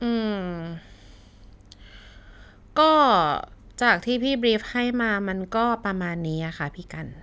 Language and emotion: Thai, frustrated